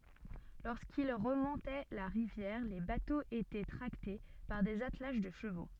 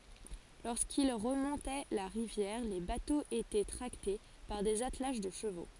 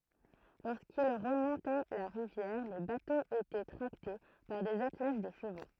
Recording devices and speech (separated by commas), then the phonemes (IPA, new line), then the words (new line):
soft in-ear microphone, forehead accelerometer, throat microphone, read sentence
loʁskil ʁəmɔ̃tɛ la ʁivjɛʁ le batoz etɛ tʁakte paʁ dez atlaʒ də ʃəvo
Lorsqu'ils remontaient la rivière, les bateaux étaient tractés par des attelages de chevaux.